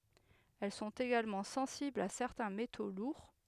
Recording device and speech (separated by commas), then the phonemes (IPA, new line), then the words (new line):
headset microphone, read sentence
ɛl sɔ̃t eɡalmɑ̃ sɑ̃siblz a sɛʁtɛ̃ meto luʁ
Elles sont également sensibles à certains métaux lourds.